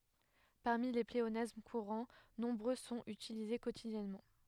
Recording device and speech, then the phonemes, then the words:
headset microphone, read sentence
paʁmi le pleonasm kuʁɑ̃ nɔ̃bʁø sɔ̃t ytilize kotidjɛnmɑ̃
Parmi les pléonasmes courants, nombreux sont utilisés quotidiennement.

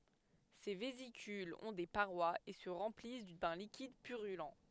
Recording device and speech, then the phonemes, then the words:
headset microphone, read sentence
se vezikylz ɔ̃ de paʁwaz e sə ʁɑ̃plis dœ̃ likid pyʁylɑ̃
Ces vésicules ont des parois et se remplissent d'un liquide purulent.

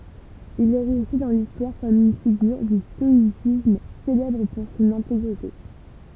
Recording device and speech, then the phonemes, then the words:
temple vibration pickup, read sentence
il ɛ ʁɛste dɑ̃ listwaʁ kɔm yn fiɡyʁ dy stɔisism selɛbʁ puʁ sɔ̃n ɛ̃teɡʁite
Il est resté dans l'histoire comme une figure du stoïcisme, célèbre pour son intégrité.

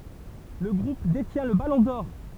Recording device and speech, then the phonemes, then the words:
temple vibration pickup, read sentence
lə ɡʁup detjɛ̃ lə balɔ̃ dɔʁ
Le Groupe détient le Ballon d'or.

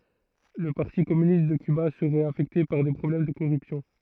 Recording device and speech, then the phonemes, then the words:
throat microphone, read sentence
lə paʁti kɔmynist də kyba səʁɛt afɛkte paʁ de pʁɔblɛm də koʁypsjɔ̃
Le Parti Communiste de Cuba serait affecté par des problèmes de corruption.

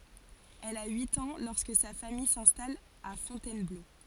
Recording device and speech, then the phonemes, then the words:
forehead accelerometer, read sentence
ɛl a yit ɑ̃ lɔʁskə sa famij sɛ̃stal a fɔ̃tɛnblo
Elle a huit ans lorsque sa famille s'installe à Fontainebleau.

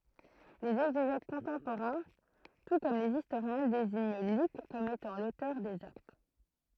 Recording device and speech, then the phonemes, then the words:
throat microphone, read sentence
lez ɛɡzeʒɛt kɔ̃tɑ̃poʁɛ̃ tu kɔm lez istoʁjɛ̃ deziɲ lyk kɔm etɑ̃ lotœʁ dez akt
Les exégètes contemporains, tout comme les historiens, désignent Luc comme étant l'auteur des Actes.

